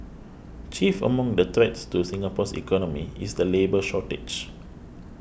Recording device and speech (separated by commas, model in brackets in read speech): boundary microphone (BM630), read sentence